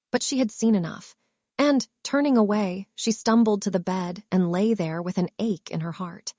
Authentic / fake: fake